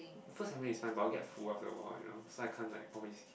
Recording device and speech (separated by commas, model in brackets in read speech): boundary microphone, conversation in the same room